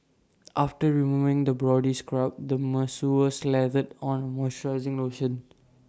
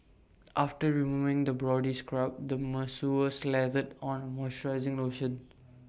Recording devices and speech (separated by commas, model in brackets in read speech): standing microphone (AKG C214), boundary microphone (BM630), read sentence